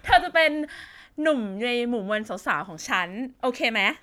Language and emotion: Thai, happy